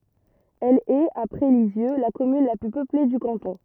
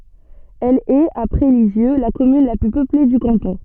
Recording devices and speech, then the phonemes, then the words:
rigid in-ear microphone, soft in-ear microphone, read sentence
ɛl ɛt apʁɛ lizjø la kɔmyn la ply pøple dy kɑ̃tɔ̃
Elle est, après Lisieux, la commune la plus peuplée du canton.

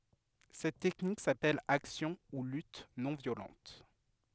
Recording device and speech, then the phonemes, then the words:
headset microphone, read sentence
sɛt tɛknik sapɛl aksjɔ̃ u lyt nɔ̃ vjolɑ̃t
Cette technique s’appelle action ou lutte non violente.

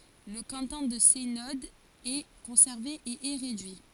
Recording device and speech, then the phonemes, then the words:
forehead accelerometer, read sentence
lə kɑ̃tɔ̃ də sɛnɔd ɛ kɔ̃sɛʁve e ɛ ʁedyi
Le canton de Seynod est conservé et est réduit.

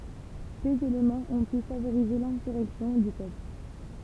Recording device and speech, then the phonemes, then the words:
temple vibration pickup, read sentence
døz elemɑ̃z ɔ̃ py favoʁize lɛ̃syʁɛksjɔ̃ dy pøpl
Deux éléments ont pu favoriser l'insurrection du peuple.

